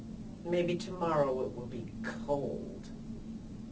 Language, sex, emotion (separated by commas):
English, female, disgusted